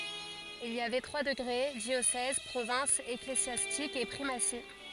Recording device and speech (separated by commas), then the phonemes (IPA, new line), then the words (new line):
forehead accelerometer, read sentence
il i avɛ tʁwa dəɡʁe djosɛz pʁovɛ̃s eklezjastik e pʁimasi
Il y avait trois degrés, diocèse, province ecclésiastique et primatie.